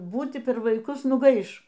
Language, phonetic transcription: Lithuanian, ˈbūti per vaiˈkus nuˈgaiš

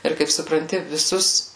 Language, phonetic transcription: Lithuanian, ˈir kaip supranˈti viˈsus

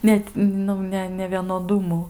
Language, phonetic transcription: Lithuanian, ˈnet ˈnu ne nevienoˈdumu

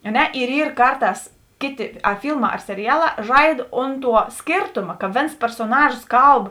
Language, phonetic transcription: Lithuanian, a ˈne ir ˈyr ˈkarˌtās ˈkėˌti a ˈfylˌmā ar seriˈjaˌlā ˈžaid ˈont ˌtuo ˈskėrtoma ka ˈvėns persoˈnažos ˈkalb

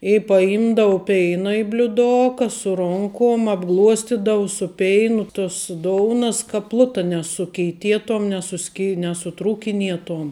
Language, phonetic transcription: Lithuanian, i paˈimdavu ˈpeina i bliuˈdoka su ˈronkom abˈgluostidavu su ˈpeinu tus ˈdounas ka ˈpluta nesukeiˈtietom nesuˈski nesuˈtrūkinietom

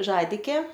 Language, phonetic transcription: Lithuanian, ˈžadikė

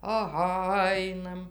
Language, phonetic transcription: Lithuanian, aˈha ˈainam

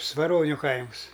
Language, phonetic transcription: Lithuanian, svaˈroniu ˈkaims

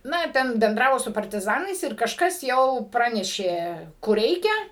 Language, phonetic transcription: Lithuanian, ˈna ˈten benˈdravo su partiˈzanais ir kažˈkas jau ˈpranešė kur ˈreikia

